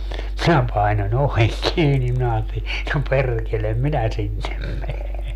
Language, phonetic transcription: Finnish, 'minä 'paino'ń ‿oveŋ 'kiini minä 'aateli , » no 'perrkelem "minä 'sinnem 'mene .
- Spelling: minä painoin oven kiinni minä ajattelin no perkele minä sinne mene

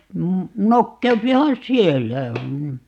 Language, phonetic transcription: Finnish, 'nokkeupihan "siellä , m̥ .
- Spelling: nokeutuuhan siellä mm

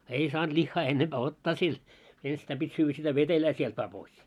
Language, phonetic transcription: Finnish, 'ei 'saant 'lihhaa 'ennemʙää 'ottaa sil , 'enstäim ʙit́ 'syyvvä sitä "vetelää sielt vaa pois .
- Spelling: ei saanut lihaa ennempää ottaa sillä ennestään piti syödä sitä vetelää sieltä vain pois

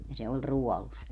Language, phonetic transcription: Finnish, ja se oĺ "ruɔlus .
- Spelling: ja se oli ruodussa

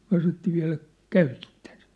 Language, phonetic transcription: Finnish, 'myä̭ sanottii » 'viä̭läk , "käytitten sɪt ? «
- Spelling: me sanottiin vieläkö käytitte sitä

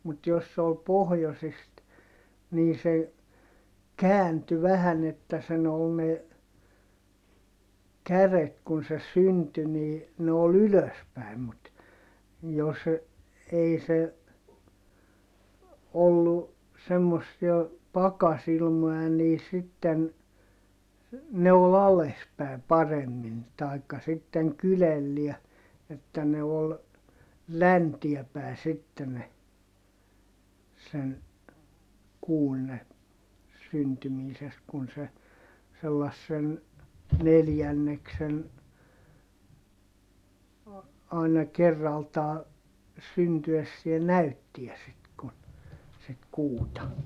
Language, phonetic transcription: Finnish, mut jos se ol pohjosist , nii se , käänty vähän ‿että sen ‿ol ne , käret kun se synty nii , ne ol ‿ylös päi̮m mut , jos , ei se , ollu , semmossia , pakasilmoʲa nii sitten , ne ol ‿ales pä̀i̮ paremmin , tai̮kka sitteŋ kylelliä , että ne ol , läntiɛ pä̀e sitte ne , sen , kuun ne , syntymiisest kun se , sellassen , neljänneksen , àina kerraltaa , syntyessiɛ näyttiä sit kun , sit kuuta .
- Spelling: mutta jos se oli pohjoisesta niin se kääntyi vähän että sen oli ne kädet kun se syntyi niin ne oli ylös päin mutta jos ei se ollut semmoisia pakkasilmoja niin sitten ne oli alas päin paremmin tai sitten kyljellään että ne oli länteen päin sitten ne sen kuun ne syntymisestä kun se sellaisen neljänneksen aina kerraltaan syntyessään näytti sitten kun sitä kuuta

